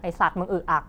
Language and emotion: Thai, frustrated